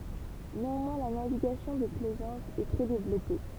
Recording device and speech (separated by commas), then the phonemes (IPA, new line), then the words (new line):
temple vibration pickup, read sentence
neɑ̃mwɛ̃ la naviɡasjɔ̃ də plɛzɑ̃s ɛ tʁɛ devlɔpe
Néanmoins la navigation de plaisance est très développée.